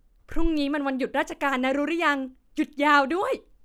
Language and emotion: Thai, happy